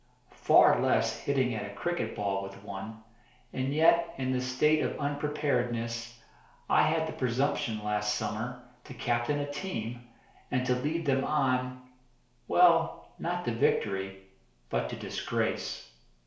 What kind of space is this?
A small space.